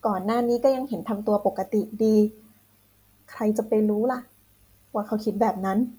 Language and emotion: Thai, frustrated